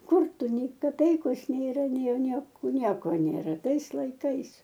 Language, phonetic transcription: Lithuanian, ˈkur ˈtu ˈnei kaˈpeikos nėˈra nei ˈnieko ˈnieko nėˈra ˈtais laiˈkais

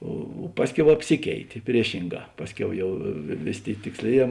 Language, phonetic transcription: Lithuanian, o ˈpasˌkiau apˈsikeitė ˈpriešinˌgā ˈpasˌkiau ˈjau ˈvėˌsė ˈtėi tiksˈlėˌjē

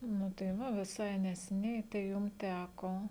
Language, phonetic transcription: Lithuanian, nu tai ˈva viˈsai neseˈniai tai ˈjum ˈtæko

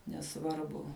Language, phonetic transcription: Lithuanian, neˈsvarbu

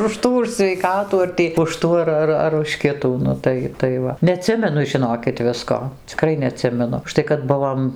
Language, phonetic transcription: Lithuanian, už ˈtų už sveiˈkatų ar ˈtį už ˈtų ar ˈar ar už ˈkitų ˈnu tai taiˈ va neaˈtsimenu žiˈnokit ˈvisko ciˈkrai neaˈtsimenu užˈtai kad ˈbuvom

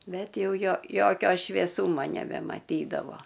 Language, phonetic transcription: Lithuanian, ˈbet ˈjau ˈjo ˈjokio švėˈsūma nebemaˈtydavo

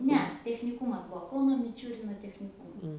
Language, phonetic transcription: Lithuanian, ˈne techniˈkūmas ˈbuo ˈkauno miˈčiurino techniˈkūmas

